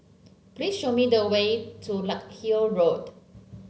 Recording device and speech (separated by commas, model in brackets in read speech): mobile phone (Samsung C7), read sentence